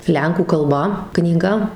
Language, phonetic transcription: Lithuanian, ˈlenkų kalˈba knyˈga

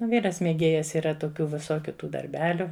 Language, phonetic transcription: Lithuanian, ˈvyras mėˈgėjas yˈra toˈkių viˈsokiu ˈtų darˈbeliu

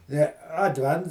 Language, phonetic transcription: Lithuanian, je adˈvents

